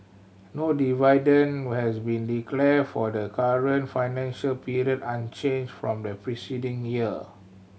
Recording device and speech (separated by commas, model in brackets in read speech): mobile phone (Samsung C7100), read sentence